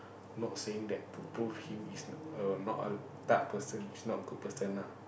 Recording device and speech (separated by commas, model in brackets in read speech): boundary microphone, conversation in the same room